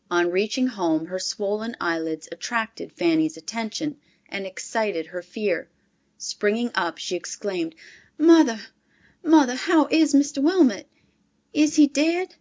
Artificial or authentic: authentic